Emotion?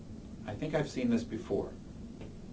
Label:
neutral